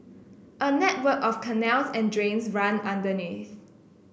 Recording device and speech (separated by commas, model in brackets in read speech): boundary microphone (BM630), read sentence